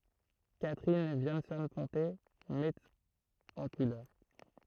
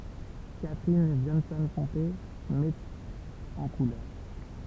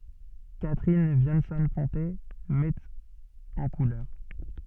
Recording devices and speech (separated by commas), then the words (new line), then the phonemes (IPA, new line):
throat microphone, temple vibration pickup, soft in-ear microphone, read sentence
Catherine Viansson-Ponté met en couleur.
katʁin vjɑ̃sɔ̃ pɔ̃te mɛt ɑ̃ kulœʁ